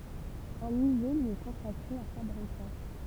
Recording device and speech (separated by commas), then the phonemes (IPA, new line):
temple vibration pickup, read sentence
œ̃ myze lyi ɛ kɔ̃sakʁe a fabʁəzɑ̃